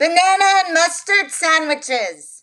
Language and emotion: English, neutral